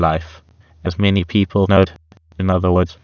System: TTS, waveform concatenation